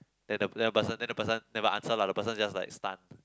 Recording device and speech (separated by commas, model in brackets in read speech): close-talking microphone, conversation in the same room